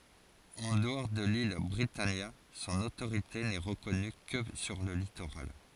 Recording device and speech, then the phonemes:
forehead accelerometer, read sentence
ɑ̃ dəɔʁ də lil bʁitanja sɔ̃n otoʁite nɛ ʁəkɔny kə syʁ lə litoʁal

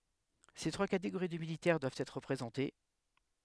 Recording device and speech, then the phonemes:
headset microphone, read sentence
se tʁwa kateɡoʁi də militɛʁ dwavt ɛtʁ ʁəpʁezɑ̃te

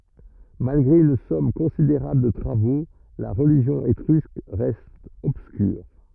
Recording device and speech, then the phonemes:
rigid in-ear microphone, read sentence
malɡʁe yn sɔm kɔ̃sideʁabl də tʁavo la ʁəliʒjɔ̃ etʁysk ʁɛst ɔbskyʁ

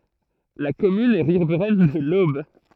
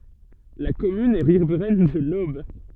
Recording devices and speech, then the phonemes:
throat microphone, soft in-ear microphone, read sentence
la kɔmyn ɛ ʁivʁɛn də lob

